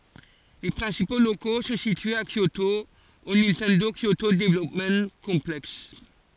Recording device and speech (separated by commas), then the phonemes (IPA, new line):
forehead accelerometer, read sentence
le pʁɛ̃sipo loko sɔ̃ sityez a kjoto o nintɛndo kjoto dəvlɔpm kɔ̃plɛks